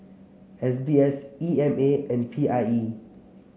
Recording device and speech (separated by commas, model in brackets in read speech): mobile phone (Samsung C7), read sentence